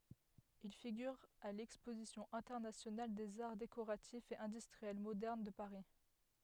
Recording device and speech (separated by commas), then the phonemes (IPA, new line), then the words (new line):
headset microphone, read sentence
il fiɡyʁ a lɛkspozisjɔ̃ ɛ̃tɛʁnasjonal dez aʁ dekoʁatifz e ɛ̃dystʁiɛl modɛʁn də paʁi
Il figure à l'exposition internationale des arts décoratifs et industriels modernes de Paris.